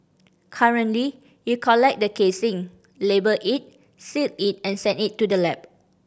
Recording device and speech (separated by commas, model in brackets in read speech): boundary microphone (BM630), read sentence